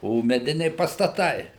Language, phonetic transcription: Lithuanian, o meˈdiniai pastaˈtai

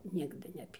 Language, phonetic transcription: Lithuanian, ˈnigdɨ neˈpy

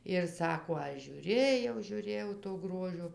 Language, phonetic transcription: Lithuanian, ir ˈsako ˈaš žiūˈrėjau žiūˈrėjau to ˈgrožio

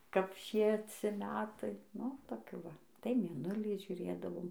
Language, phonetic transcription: Lithuanian, kap ˈšieci ˈmetai ˈnu toˈkių ˈva tai mėˈnulį žiuˈrėdavom

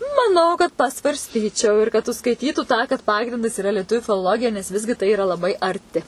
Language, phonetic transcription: Lithuanian, maˈnau kad pasvarsˈtyčiau ir kad užskaiˈtytų tą kad ˈpagrindas iˈra lieˈtuviu filoˈlogija nes ˈvisgi tai iˈra laˈbai arˈti

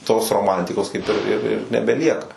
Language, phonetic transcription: Lithuanian, tos roˈmantikos kaip ir ir ir nebeˈlieka

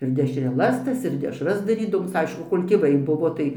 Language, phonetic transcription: Lithuanian, ir dešreˈlas ˈtas ir dešras darydaˈvoms ˈaišku ˈkol' tėˈvai ˈbuvo tai

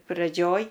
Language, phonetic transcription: Lithuanian, praˈdžioj

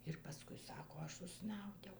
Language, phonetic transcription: Lithuanian, ir paˈskui ˈsako ˈaš užˈsnaudiau

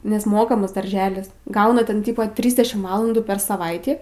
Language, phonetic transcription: Lithuanian, nes ˈmokamas darˈželis ˈgauna ten ˈtypo ˈtrysdešim ˈvalandų per saˈvaitį

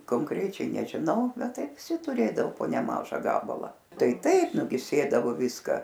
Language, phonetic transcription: Lithuanian, konˈkrečiai nežiˈnau ˈbet ˈtai viˈsi tuˈrėdao po neˈmaža ˈgabalą ˈtai ˈtaip nu gi ˈsėdavo ˈviska

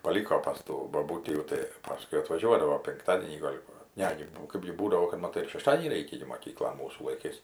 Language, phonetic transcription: Lithuanian, paˈlyko pas ˈtų boˈbūtį jau tai ˈpaskui atvaˈžiuodavo pinkˈtadienį gal' ˈva ˈne gi ˈkɜpgi ˈbūdavo kad maˈtai ir šeˈštadienį ˈreikia gi moˈkyklon ˈmūsų laiˈkais

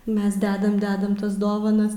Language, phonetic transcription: Lithuanian, ˈmes ˈdedam ˈdedam ˈtas ˈdovanas

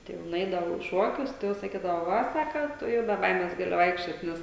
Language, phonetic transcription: Lithuanian, ˈtai jau nuˈeidavau į ˈšuokius tai ˈjau saˈkydavo ˈva ˈsaka ˈtu jau be ˈbaimes ˈgali ˈvaikščiot ˈnes

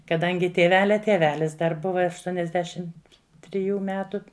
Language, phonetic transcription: Lithuanian, kaˈdangi tieˈvelia tieˈvelis dar ˈbuva ašˈtuoniasˌdešim triˈjų ˈmetu

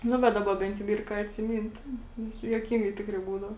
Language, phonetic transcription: Lithuanian, ˈnu bet ˈdaba ˈbent jau ˈyr ką atsiˈmynt ˈnes juoˈkingai ˈtikrai ˈbūdavo

